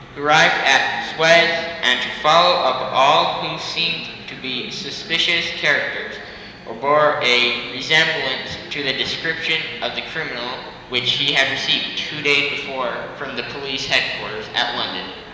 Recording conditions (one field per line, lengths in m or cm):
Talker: one person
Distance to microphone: 1.7 m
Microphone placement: close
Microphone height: 1.0 m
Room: very reverberant, large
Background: babble